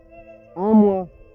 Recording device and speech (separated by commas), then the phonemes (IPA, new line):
rigid in-ear microphone, read sentence
œ̃ mwa